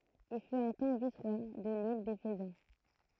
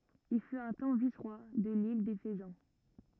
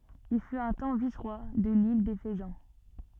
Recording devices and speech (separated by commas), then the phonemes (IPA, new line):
throat microphone, rigid in-ear microphone, soft in-ear microphone, read sentence
il fyt œ̃ tɑ̃ visʁwa də lil de fəzɑ̃